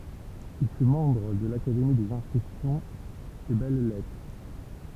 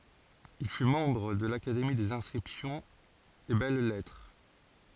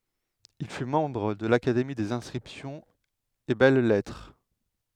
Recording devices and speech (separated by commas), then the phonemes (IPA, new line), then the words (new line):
temple vibration pickup, forehead accelerometer, headset microphone, read sentence
il fy mɑ̃bʁ də lakademi dez ɛ̃skʁipsjɔ̃z e bɛl lɛtʁ
Il fut membre de l'Académie des inscriptions et belles-lettres.